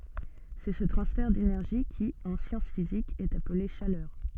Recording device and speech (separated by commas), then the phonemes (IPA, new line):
soft in-ear microphone, read sentence
sɛ sə tʁɑ̃sfɛʁ denɛʁʒi ki ɑ̃ sjɑ̃s fizikz ɛt aple ʃalœʁ